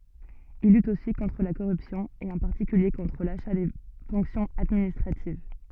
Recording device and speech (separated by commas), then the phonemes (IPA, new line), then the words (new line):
soft in-ear microphone, read sentence
il lyt osi kɔ̃tʁ la koʁypsjɔ̃ e ɑ̃ paʁtikylje kɔ̃tʁ laʃa de fɔ̃ksjɔ̃z administʁativ
Il lutte aussi contre la corruption et en particulier contre l’achat des fonctions administratives.